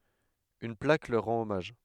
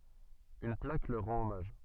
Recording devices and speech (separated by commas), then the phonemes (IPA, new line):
headset microphone, soft in-ear microphone, read sentence
yn plak lœʁ ʁɑ̃t ɔmaʒ